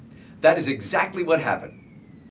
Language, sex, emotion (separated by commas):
English, male, neutral